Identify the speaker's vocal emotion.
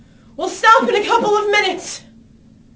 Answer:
angry